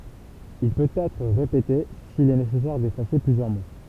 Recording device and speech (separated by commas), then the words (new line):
temple vibration pickup, read sentence
Il peut être répété s'il est nécessaire d'effacer plusieurs mots.